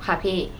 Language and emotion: Thai, neutral